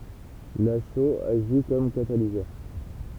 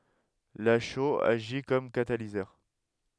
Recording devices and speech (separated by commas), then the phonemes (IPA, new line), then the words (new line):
temple vibration pickup, headset microphone, read sentence
la ʃoz aʒi kɔm katalizœʁ
La chaux agit comme catalyseur.